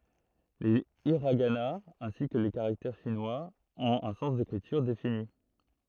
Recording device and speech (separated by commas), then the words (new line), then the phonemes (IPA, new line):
throat microphone, read sentence
Les hiraganas, ainsi que les caractères chinois, ont un sens d'écriture défini.
le iʁaɡanaz ɛ̃si kə le kaʁaktɛʁ ʃinwaz ɔ̃t œ̃ sɑ̃s dekʁityʁ defini